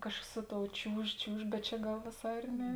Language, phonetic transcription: Lithuanian, ˈkažkas ˈsu ˌtou ˈčiūž ˈčiūž bet ˈčia ˈgal vėˈsā ir ˈne

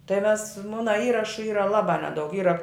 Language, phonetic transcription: Lithuanian, tai mes ˈmuna ˈįrašu ˈyra ˈlabā ˈnedaug ˈyra

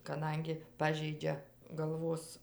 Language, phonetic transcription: Lithuanian, kaˈdangi ˈpažeidžia galˈvos

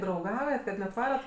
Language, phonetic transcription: Lithuanian, drauˈgaujat kad net ˈvarat

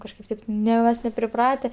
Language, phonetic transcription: Lithuanian, kažˈkaip taip ˈne mas nepriˈprate

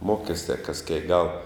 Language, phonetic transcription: Lithuanian, ˈmokestia kas kiek gal

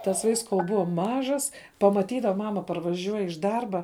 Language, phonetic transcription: Lithuanian, tas vaiks kol ˈbua ˈmažas pamaˈtydava ˈmama parvaˈžiuoj iš ˈdarba

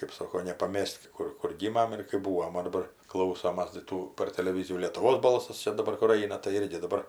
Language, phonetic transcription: Lithuanian, kɜp ˈsoko nepaˈmes't' ˈkur kur ˈgymam ir kɜp ˈbūvom o daˈbar ˈklausomas tai ˈtų par teleˈvyzijų lėtuˈvos ˈbalsas ˈčia daˈbar kur ˈaina tai ˈirgi daˈbar

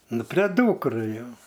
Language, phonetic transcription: Lithuanian, ˈnu prė ˈdūkrai ˈjo

